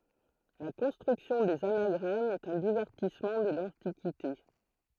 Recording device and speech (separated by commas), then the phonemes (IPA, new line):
throat microphone, read sentence
la kɔ̃stʁyksjɔ̃ dez anaɡʁamz ɛt œ̃ divɛʁtismɑ̃ də lɑ̃tikite